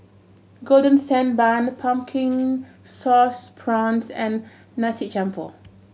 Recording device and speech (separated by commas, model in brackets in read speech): mobile phone (Samsung C7100), read sentence